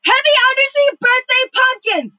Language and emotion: English, neutral